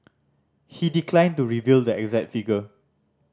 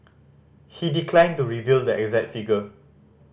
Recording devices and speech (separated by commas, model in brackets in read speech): standing microphone (AKG C214), boundary microphone (BM630), read sentence